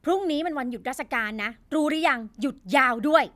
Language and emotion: Thai, angry